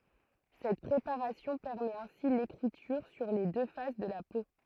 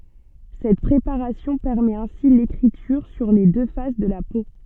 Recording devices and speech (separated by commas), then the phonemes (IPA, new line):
throat microphone, soft in-ear microphone, read sentence
sɛt pʁepaʁasjɔ̃ pɛʁmɛt ɛ̃si lekʁityʁ syʁ le dø fas də la po